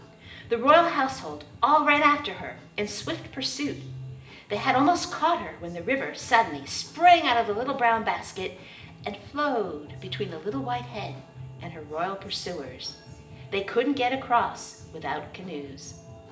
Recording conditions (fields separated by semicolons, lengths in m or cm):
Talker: one person; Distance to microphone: 1.8 m; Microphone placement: close; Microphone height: 1.0 m; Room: large; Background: music